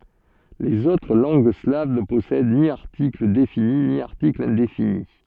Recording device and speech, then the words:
soft in-ear microphone, read sentence
Les autres langues slaves ne possèdent ni article défini ni article indéfini.

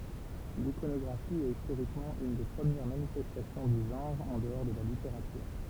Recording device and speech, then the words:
temple vibration pickup, read sentence
L'iconographie est historiquement une des premières manifestations du genre en dehors de la littérature.

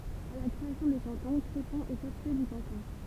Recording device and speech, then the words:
temple vibration pickup, read sentence
À la création des cantons, Crépon est chef-lieu de canton.

